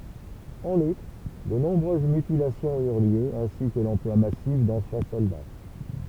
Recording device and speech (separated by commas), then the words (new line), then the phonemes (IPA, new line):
temple vibration pickup, read sentence
En outre, de nombreuses mutilations eurent lieu, ainsi que l'emploi massif d'enfants soldats.
ɑ̃n utʁ də nɔ̃bʁøz mytilasjɔ̃z yʁ ljø ɛ̃si kə lɑ̃plwa masif dɑ̃fɑ̃ sɔlda